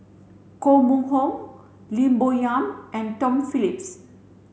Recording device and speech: mobile phone (Samsung C7), read sentence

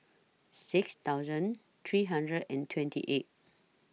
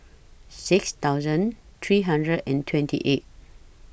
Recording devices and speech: mobile phone (iPhone 6), boundary microphone (BM630), read sentence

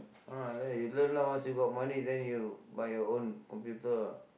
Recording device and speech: boundary microphone, conversation in the same room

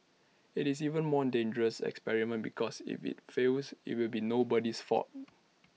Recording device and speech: mobile phone (iPhone 6), read sentence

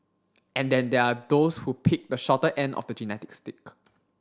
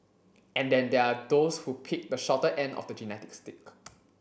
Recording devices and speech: standing microphone (AKG C214), boundary microphone (BM630), read sentence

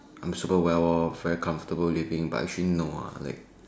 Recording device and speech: standing microphone, conversation in separate rooms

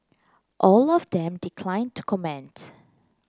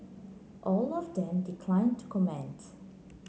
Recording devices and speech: close-talking microphone (WH30), mobile phone (Samsung C9), read sentence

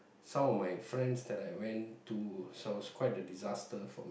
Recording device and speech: boundary microphone, conversation in the same room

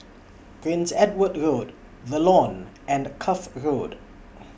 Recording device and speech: boundary microphone (BM630), read sentence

